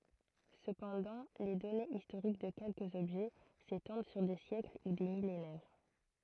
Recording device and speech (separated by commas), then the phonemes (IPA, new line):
throat microphone, read sentence
səpɑ̃dɑ̃ le dɔnez istoʁik də kɛlkəz ɔbʒɛ setɑ̃d syʁ de sjɛkl u de milenɛʁ